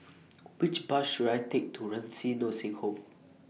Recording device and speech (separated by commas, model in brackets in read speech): mobile phone (iPhone 6), read sentence